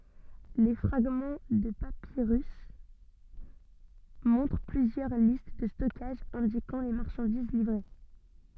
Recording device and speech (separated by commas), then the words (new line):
soft in-ear microphone, read sentence
Les fragments de papyrus montrent plusieurs listes de stockage indiquant les marchandises livrées.